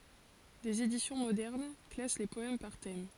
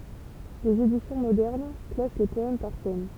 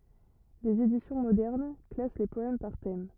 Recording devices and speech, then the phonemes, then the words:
forehead accelerometer, temple vibration pickup, rigid in-ear microphone, read sentence
dez edisjɔ̃ modɛʁn klas le pɔɛm paʁ tɛm
Des éditions modernes classent les poèmes par thèmes.

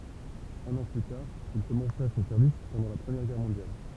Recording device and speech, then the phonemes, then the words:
temple vibration pickup, read sentence
œ̃n ɑ̃ ply taʁ il kɔmɑ̃sa sɔ̃ sɛʁvis pɑ̃dɑ̃ la pʁəmjɛʁ ɡɛʁ mɔ̃djal
Un an plus tard, il commença son service pendant la Première Guerre mondiale.

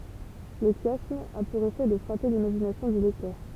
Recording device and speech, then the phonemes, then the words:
temple vibration pickup, read sentence
lə ʃjasm a puʁ efɛ də fʁape limaʒinasjɔ̃ dy lɛktœʁ
Le chiasme a pour effet de frapper l'imagination du lecteur.

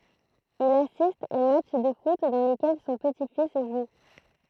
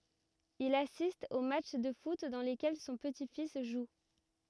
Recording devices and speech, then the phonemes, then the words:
throat microphone, rigid in-ear microphone, read sentence
il asist o matʃ də fut dɑ̃ lekɛl sɔ̃ pəti fis ʒu
Il assiste aux matchs de foot dans lesquels son petit-fils joue.

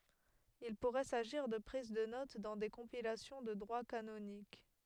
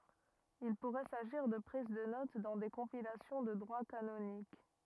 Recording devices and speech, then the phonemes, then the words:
headset microphone, rigid in-ear microphone, read sentence
il puʁɛ saʒiʁ də pʁiz də not dɑ̃ de kɔ̃pilasjɔ̃ də dʁwa kanonik
Il pourrait s'agir de prises de notes dans des compilations de droit canonique.

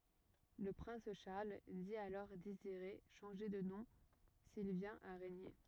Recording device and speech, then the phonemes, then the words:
rigid in-ear microphone, read sentence
lə pʁɛ̃s ʃaʁl di alɔʁ deziʁe ʃɑ̃ʒe də nɔ̃ sil vjɛ̃t a ʁeɲe
Le prince Charles dit alors désirer changer de nom s'il vient à régner.

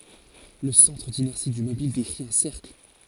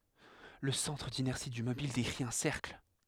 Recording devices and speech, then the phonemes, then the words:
forehead accelerometer, headset microphone, read sentence
lə sɑ̃tʁ dinɛʁsi dy mobil dekʁi œ̃ sɛʁkl
Le centre d'inertie du mobile décrit un cercle.

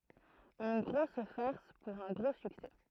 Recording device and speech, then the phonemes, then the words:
throat microphone, read sentence
yn ɡʁos faʁs puʁ œ̃ ɡʁo syksɛ
Une grosse farce pour un gros succès.

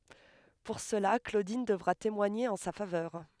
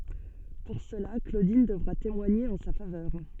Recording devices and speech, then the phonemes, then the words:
headset microphone, soft in-ear microphone, read sentence
puʁ səla klodin dəvʁa temwaɲe ɑ̃ sa favœʁ
Pour cela, Claudine devra témoigner en sa faveur.

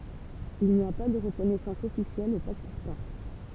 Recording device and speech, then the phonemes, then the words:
temple vibration pickup, read sentence
il ni a pa də ʁəkɔnɛsɑ̃s ɔfisjɛl o pakistɑ̃
Il n'y a pas de reconnaissance officielle au Pakistan.

